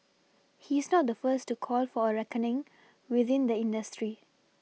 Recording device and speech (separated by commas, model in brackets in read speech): mobile phone (iPhone 6), read sentence